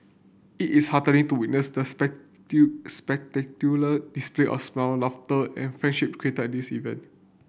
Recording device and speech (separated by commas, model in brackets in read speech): boundary microphone (BM630), read sentence